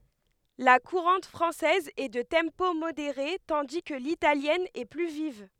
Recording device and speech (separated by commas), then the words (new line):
headset microphone, read sentence
La courante française est de tempo modéré, tandis que l'italienne est plus vive.